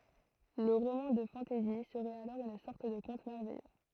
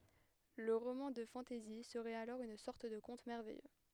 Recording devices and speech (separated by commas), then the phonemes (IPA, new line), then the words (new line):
throat microphone, headset microphone, read sentence
lə ʁomɑ̃ də fɑ̃tɛzi səʁɛt alɔʁ yn sɔʁt də kɔ̃t mɛʁvɛjø
Le roman de fantasy serait alors une sorte de conte merveilleux.